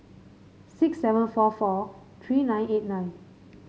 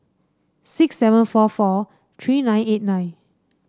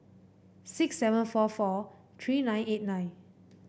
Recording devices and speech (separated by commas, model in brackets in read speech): mobile phone (Samsung C5), standing microphone (AKG C214), boundary microphone (BM630), read sentence